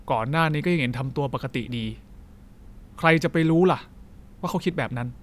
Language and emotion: Thai, frustrated